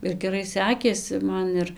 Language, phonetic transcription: Lithuanian, ir geˈrai ˈsekėsi ˈman ir

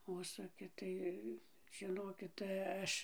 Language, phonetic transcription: Lithuanian, ˈužsuki ˈtai žiˈnokit tai ˈaš

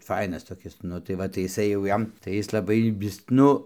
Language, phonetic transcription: Lithuanian, ˈfainas toˈkis ˈnu tai ˈva tai iˈsai jau ˈjam tai ˈjis laˈbai ˈvis ˈnu

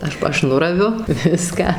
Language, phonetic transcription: Lithuanian, ˈaš pa ˈaš ˈnuraviu ˈviską

